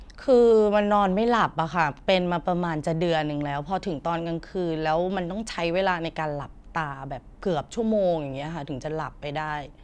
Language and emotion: Thai, frustrated